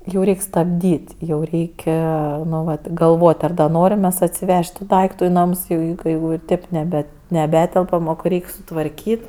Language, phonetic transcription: Lithuanian, jau ˈreik' stabˈdyt' jau ˈreik' ˈnu vat galˈvot' ˈar ˈnorim mes atsiˈvež't' tu ˈdaiktu i ˈnams jau ˈjau kai jau ir ˈtėp neˈbe neˈbetelpam o kai ˈreik' sutvarˈkyt'

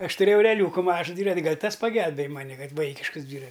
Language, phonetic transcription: Lithuanian, ˈaš tuˈrėjau ereˈliūku ˈmažu ˈdvyrat' ˈgal' ˈtas paˈgelbėj ˈmani ˈkad ˈvaikiškəs ˈdvyra

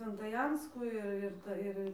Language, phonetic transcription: Lithuanian, sventaˈjanskų ir ˈir ir ˈta ˈir

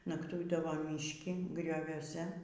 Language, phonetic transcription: Lithuanian, nakˈtuidavo mišˈki grioviuoˈse

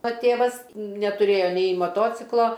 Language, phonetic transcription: Lithuanian, o ˈtėvas netuˈrėjo nei maˈtociklo

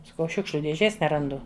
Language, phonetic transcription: Lithuanian, saˈkau ˈšiukšliu dėˈžės neranˈdu

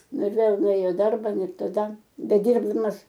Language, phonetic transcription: Lithuanian, ˈnu ir ˈvėl nuˈėjo i ˈdarba ˈnu ir taˈda beˈdyrbdamas

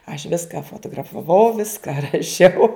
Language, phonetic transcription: Lithuanian, aš ˈviska fotografaˈvau ˈviska raˈšiau

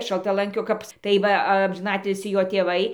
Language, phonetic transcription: Lithuanian, šaltaˈlankio ˈkap tai ˈva amžiˈnatilsį ˈjo tėˈvai

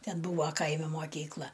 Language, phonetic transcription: Lithuanian, ˈten ˈbūva ˈkaimi moˈkykla

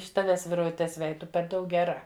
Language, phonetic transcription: Lithuanian, iš ˈtaves virvuˈtes ˈvej ˈtu per ˈdaug geˈra

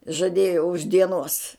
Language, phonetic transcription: Lithuanian, žaˈdėjo už dieˈnuos

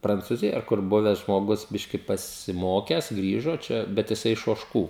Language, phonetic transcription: Lithuanian, prancūˈzijoj ar ˈkur ˈbuves žmoˈgus ˈbiški pasiˈmokes ˈgrįžo ˈčia bet jiˈsai iš ožˈkų

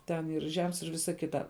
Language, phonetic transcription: Lithuanian, ˈten ir ˈžems ir ˈvisa ˈkita

